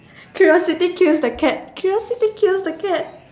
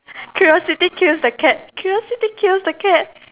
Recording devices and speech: standing microphone, telephone, conversation in separate rooms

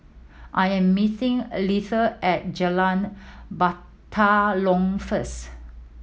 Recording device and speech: mobile phone (iPhone 7), read sentence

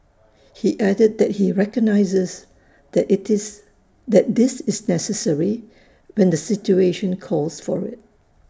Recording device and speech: standing microphone (AKG C214), read sentence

